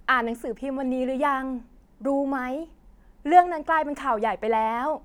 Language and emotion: Thai, neutral